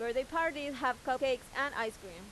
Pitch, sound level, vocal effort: 255 Hz, 93 dB SPL, loud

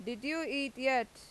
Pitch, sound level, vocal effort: 265 Hz, 91 dB SPL, loud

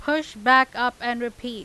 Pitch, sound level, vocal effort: 245 Hz, 95 dB SPL, loud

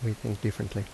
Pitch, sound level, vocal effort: 105 Hz, 75 dB SPL, soft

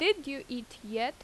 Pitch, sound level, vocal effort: 250 Hz, 87 dB SPL, loud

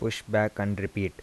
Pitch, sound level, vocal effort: 100 Hz, 80 dB SPL, soft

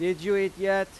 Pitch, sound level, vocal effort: 195 Hz, 95 dB SPL, loud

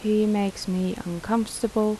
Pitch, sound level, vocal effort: 215 Hz, 80 dB SPL, soft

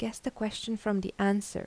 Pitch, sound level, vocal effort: 215 Hz, 80 dB SPL, soft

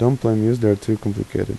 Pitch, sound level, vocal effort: 110 Hz, 82 dB SPL, soft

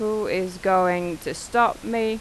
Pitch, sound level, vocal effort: 205 Hz, 89 dB SPL, normal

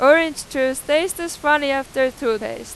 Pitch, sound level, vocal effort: 285 Hz, 97 dB SPL, very loud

